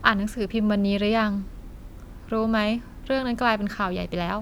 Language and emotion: Thai, neutral